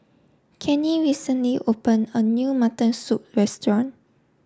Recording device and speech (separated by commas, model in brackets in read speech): standing microphone (AKG C214), read sentence